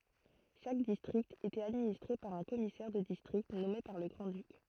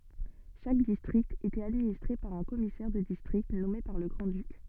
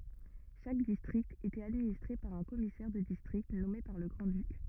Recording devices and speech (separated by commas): throat microphone, soft in-ear microphone, rigid in-ear microphone, read sentence